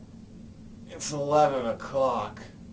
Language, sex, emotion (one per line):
English
male
disgusted